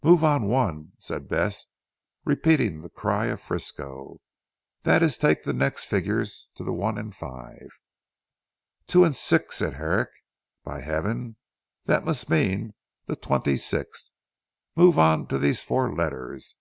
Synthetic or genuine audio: genuine